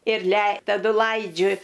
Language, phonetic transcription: Lithuanian, ir lei taˈdu ˈlaidžiu

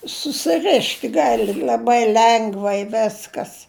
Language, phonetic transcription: Lithuanian, susiˈrišt ˈgali l'aˈbai ˈlengvai ˈveskas

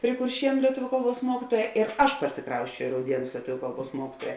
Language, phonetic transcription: Lithuanian, pri kurˈšienu lieˈtuviu ˈkalˌbuos ˈmuokituoja ir ˈaš parsiˈkrausčiau i rauˈdienus lieˈtuviu ˈkalˌbuos ˈmuokituoja

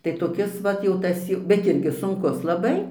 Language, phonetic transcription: Lithuanian, tai toˈkis ˈvat jau ˈtas jau bet ˈirgi sunˈkus laˈbai

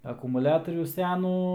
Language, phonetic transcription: Lithuanian, akumuˈliatorių ˈsenų

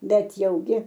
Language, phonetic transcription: Lithuanian, ˈbet jauˈgi

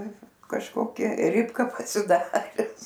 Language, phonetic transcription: Lithuanian, kažˈkokia ˈripka pasiˈdares

